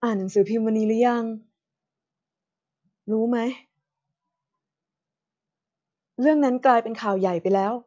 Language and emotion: Thai, frustrated